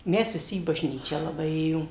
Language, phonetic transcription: Lithuanian, ˈmes viˈsi į bažˈnyčią laˈbai ˈėjom

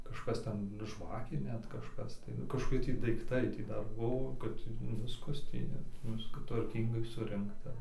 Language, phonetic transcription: Lithuanian, kažˈkas ˈten ˈžvakė ˈnet kažˈkas tai kažkoˈki tį daikˈtai ˈtį ˈdar ˈbuo kad ˈviskas ˈtį net ˈviska tvarˈkyngai ˈsurinkta

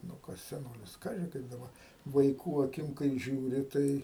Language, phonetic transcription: Lithuanian, nu ˈkas seˈnolis ˈkaži ˈkaip daˈba vaiˈkų aˈkim kai žiūˈri ˈtai

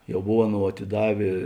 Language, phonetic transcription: Lithuanian, jau ˈbov ˈaˌnou atiˈdavė

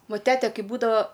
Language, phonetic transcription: Lithuanian, ˈva ˈtete ˈkai ˈbūdava

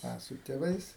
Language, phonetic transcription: Lithuanian, ˈa su tėˈvais

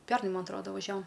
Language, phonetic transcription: Lithuanian, ˈpærnai ˈman aˈtroda vaˈžiavom

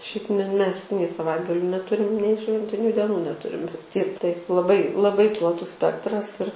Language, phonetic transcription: Lithuanian, ˈšiaip me mes nei saˈvaitgaliu neˈturim nei ˈšventiniu deˈnų neˈturim ˈmes tiek taip laˈbai laˈbai plaˈtus ˈspektras ir

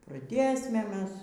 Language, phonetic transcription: Lithuanian, praˈdėsme ˈmes

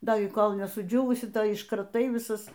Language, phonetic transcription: Lithuanian, ˈda i ˈkol' nesuˈdžiūvusi ˈtai iškraˈtai viˈsas

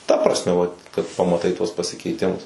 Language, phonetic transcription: Lithuanian, ta prasˈme va kad pamaˈtai tuos pasikeiˈtimus

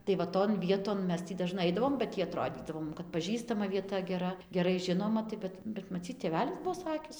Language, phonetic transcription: Lithuanian, tai va ˈton ˈvieton ˈmes ˈtį daˈžnai ˈaidavom ba ˈtį aˈtrodydavo ˈmum kad paˈžįstama vieˈta geˈra geˈrai ˈžinoma tai ˈbet bet maˈcyt tėˈvelis ˈbuo ˈsakis

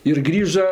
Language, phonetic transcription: Lithuanian, ir ˈgrįža

